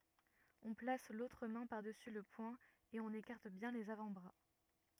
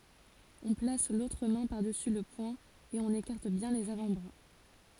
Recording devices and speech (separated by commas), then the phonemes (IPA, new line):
rigid in-ear microphone, forehead accelerometer, read sentence
ɔ̃ plas lotʁ mɛ̃ paʁdəsy lə pwɛ̃ e ɔ̃n ekaʁt bjɛ̃ lez avɑ̃tbʁa